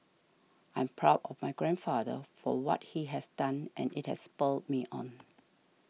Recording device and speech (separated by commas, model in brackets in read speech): mobile phone (iPhone 6), read sentence